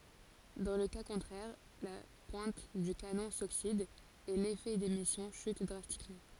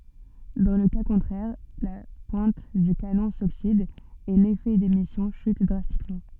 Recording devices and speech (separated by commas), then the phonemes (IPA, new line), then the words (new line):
forehead accelerometer, soft in-ear microphone, read sentence
dɑ̃ lə ka kɔ̃tʁɛʁ la pwɛ̃t dy kanɔ̃ soksid e lefɛ demisjɔ̃ ʃyt dʁastikmɑ̃
Dans le cas contraire, la pointe du canon s'oxyde et l'effet d'émission chute drastiquement.